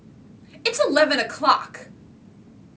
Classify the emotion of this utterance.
angry